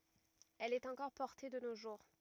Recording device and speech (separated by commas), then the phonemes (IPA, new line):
rigid in-ear microphone, read sentence
ɛl ɛt ɑ̃kɔʁ pɔʁte də no ʒuʁ